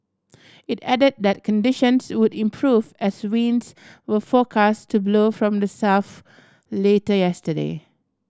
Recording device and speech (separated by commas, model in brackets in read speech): standing microphone (AKG C214), read sentence